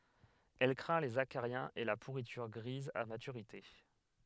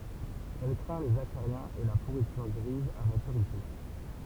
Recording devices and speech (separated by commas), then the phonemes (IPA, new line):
headset microphone, temple vibration pickup, read sentence
ɛl kʁɛ̃ lez akaʁjɛ̃z e la puʁityʁ ɡʁiz a matyʁite